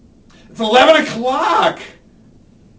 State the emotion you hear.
fearful